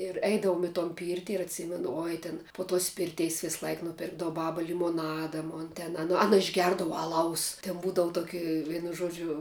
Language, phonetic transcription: Lithuanian, ir ˈeidavom i ton ˈpyrti ir atˈsymenu ˈoj tin po tos ˈpirteis ˈvislaik ˈnupirkdavu ˈbaba limoˈnada mon ten aˈna ˈana išˈgerdava aˈlaus ten ˈbūdavu toˈki ˈvienu ˈžodžiu

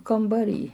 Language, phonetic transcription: Lithuanian, kambaˈry

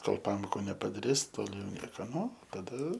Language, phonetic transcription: Lithuanian, ˈkol ˈpamoku nepadaˈris ˈtol' jau ˈnieka ˈnu taˈda

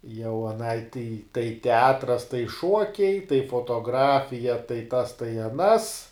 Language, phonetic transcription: Lithuanian, jau aˈnai tei tai teˈatras tai ˈšuokiai tai fotoˈgrafija tai tas tai aˈnas

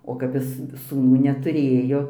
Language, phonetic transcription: Lithuanian, o kap ˈjis sūˈnų netuˈrėjo

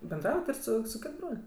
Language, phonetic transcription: Lithuanian, benˈdraujat ir ˈsu su ˈkit ˈbrol'

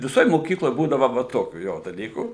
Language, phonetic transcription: Lithuanian, viˈsoj moˈkykloj ˈbūdava va ˈtokių ˈjo daˈlykų

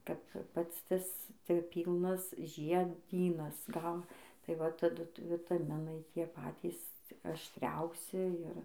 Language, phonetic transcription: Lithuanian, kap ˈpats ˈtas ti ˈpylnas žieˈdynas gal tai ˈva taˈdu vitaˈminai ˈtie ˈpatys aštˈriausi ir

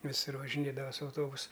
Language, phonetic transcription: Lithuanian, viˈsur važiˈnėdava su auˈtobusu

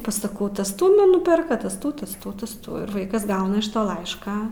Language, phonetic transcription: Lithuanian, pasaˈkau ˈtas ˈtų ˈnu ˈnuperka ˈtas ˈtų ˈtas ˈtų ˈtas ˈtų ir ˈvaikas ˈgauna iš ˈto ˈlaišką

